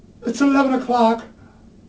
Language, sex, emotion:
English
male
neutral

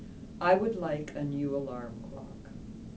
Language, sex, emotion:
English
female
neutral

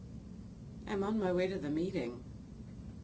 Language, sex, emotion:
English
female
neutral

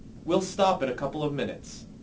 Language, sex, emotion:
English
male
neutral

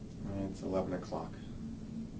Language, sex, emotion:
English
male
sad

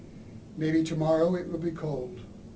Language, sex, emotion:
English
male
neutral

